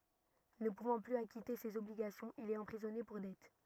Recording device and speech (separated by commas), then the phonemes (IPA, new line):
rigid in-ear microphone, read sentence
nə puvɑ̃ plyz akite sez ɔbliɡasjɔ̃z il ɛt ɑ̃pʁizɔne puʁ dɛt